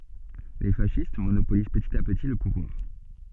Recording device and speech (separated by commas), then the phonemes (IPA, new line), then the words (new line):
soft in-ear microphone, read sentence
le fasist monopoliz pətit a pəti lə puvwaʁ
Les fascistes monopolisent petit à petit le pouvoir.